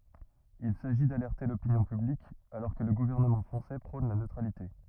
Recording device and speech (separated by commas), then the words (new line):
rigid in-ear microphone, read sentence
Il s’agit d’alerter l’opinion publique alors que le gouvernement français prône la neutralité.